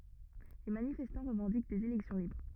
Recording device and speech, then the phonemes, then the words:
rigid in-ear microphone, read sentence
le manifɛstɑ̃ ʁəvɑ̃dik dez elɛksjɔ̃ libʁ
Les manifestants revendiquent des élections libres.

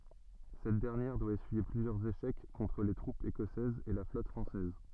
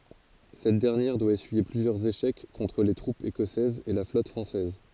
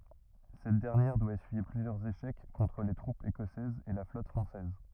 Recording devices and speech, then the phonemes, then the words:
soft in-ear microphone, forehead accelerometer, rigid in-ear microphone, read sentence
sɛt dɛʁnjɛʁ dwa esyije plyzjœʁz eʃɛk kɔ̃tʁ le tʁupz ekɔsɛzz e la flɔt fʁɑ̃sɛz
Cette dernière doit essuyer plusieurs échecs contre les troupes écossaises et la flotte française.

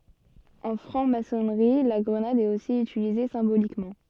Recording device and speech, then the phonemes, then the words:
soft in-ear microphone, read sentence
ɑ̃ fʁɑ̃ masɔnʁi la ɡʁənad ɛt osi ytilize sɛ̃bolikmɑ̃
En Franc-Maçonnerie, la grenade est aussi utilisée symboliquement.

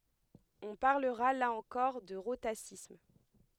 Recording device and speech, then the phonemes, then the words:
headset microphone, read sentence
ɔ̃ paʁləʁa la ɑ̃kɔʁ də ʁotasism
On parlera là encore de rhotacisme.

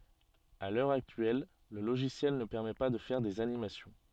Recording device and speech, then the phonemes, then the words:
soft in-ear microphone, read sentence
a lœʁ aktyɛl lə loʒisjɛl nə pɛʁmɛ pa də fɛʁ dez animasjɔ̃
À l'heure actuelle, le logiciel ne permet pas de faire des animations.

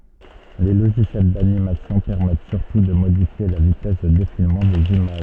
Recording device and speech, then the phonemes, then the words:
soft in-ear microphone, read sentence
le loʒisjɛl danimasjɔ̃ pɛʁmɛt syʁtu də modifje la vitɛs də defilmɑ̃ dez imaʒ
Les logiciels d'animation permettent surtout de modifier la vitesse de défilement des images.

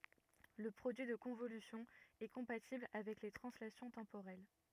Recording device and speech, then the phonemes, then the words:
rigid in-ear microphone, read sentence
lə pʁodyi də kɔ̃volysjɔ̃ ɛ kɔ̃patibl avɛk le tʁɑ̃slasjɔ̃ tɑ̃poʁɛl
Le produit de convolution est compatible avec les translations temporelles.

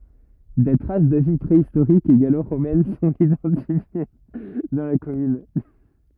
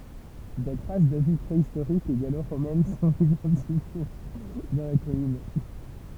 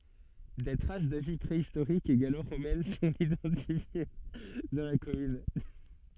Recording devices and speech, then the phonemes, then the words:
rigid in-ear microphone, temple vibration pickup, soft in-ear microphone, read sentence
de tʁas də vi pʁeistoʁik e ɡaloʁomɛn sɔ̃t idɑ̃tifje dɑ̃ la kɔmyn
Des traces de vie préhistorique et gallo-romaine sont identifiées dans la commune.

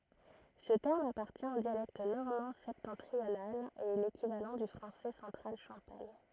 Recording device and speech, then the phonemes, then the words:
throat microphone, read sentence
sə tɛʁm apaʁtjɛ̃ o djalɛkt nɔʁmɑ̃ sɛptɑ̃tʁional e ɛ lekivalɑ̃ dy fʁɑ̃sɛ sɑ̃tʁal ʃɑ̃paɲ
Ce terme appartient au dialecte normand septentrional et est l'équivalent du français central champagne.

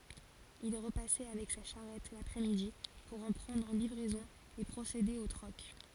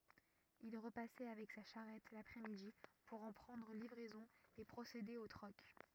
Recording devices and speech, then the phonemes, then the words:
forehead accelerometer, rigid in-ear microphone, read sentence
il ʁəpasɛ avɛk sa ʃaʁɛt lapʁɛ midi puʁ ɑ̃ pʁɑ̃dʁ livʁɛzɔ̃ e pʁosede o tʁɔk
Il repassait avec sa charrette l’après-midi pour en prendre livraison et procéder au troc.

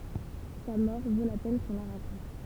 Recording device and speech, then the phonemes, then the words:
temple vibration pickup, read sentence
sa mɔʁ vo la pɛn kɔ̃ la ʁakɔ̃t
Sa mort vaut la peine qu'on la raconte.

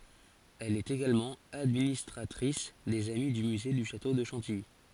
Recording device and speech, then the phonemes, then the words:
forehead accelerometer, read sentence
ɛl ɛt eɡalmɑ̃ administʁatʁis dez ami dy myze dy ʃato də ʃɑ̃tiji
Elle est également administratrice des Amis du Musée du château de Chantilly.

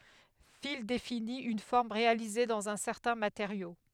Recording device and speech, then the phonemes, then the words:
headset microphone, read sentence
fil defini yn fɔʁm ʁealize dɑ̃z œ̃ sɛʁtɛ̃ mateʁjo
Fil définit une forme réalisée dans un certain matériau.

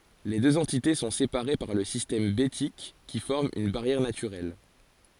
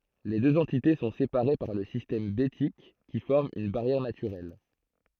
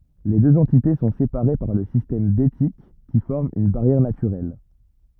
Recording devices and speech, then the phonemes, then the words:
forehead accelerometer, throat microphone, rigid in-ear microphone, read sentence
le døz ɑ̃tite sɔ̃ sepaʁe paʁ lə sistɛm betik ki fɔʁm yn baʁjɛʁ natyʁɛl
Les deux entités sont séparées par le système Bétique qui forme une barrière naturelle.

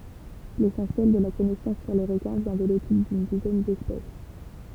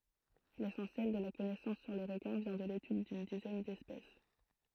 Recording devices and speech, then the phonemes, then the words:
temple vibration pickup, throat microphone, read sentence
lesɑ̃sjɛl də la kɔnɛsɑ̃s syʁ le ʁəkɛ̃ vjɛ̃ də letyd dyn dizɛn dɛspɛs
L'essentiel de la connaissance sur les requins vient de l’étude d’une dizaine d’espèces.

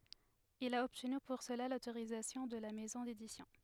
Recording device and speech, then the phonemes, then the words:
headset microphone, read sentence
il a ɔbtny puʁ səla lotoʁizatjɔ̃ də la mɛzɔ̃ dedisjɔ̃
Il a obtenu pour cela l'autorisation de la maison d'édition.

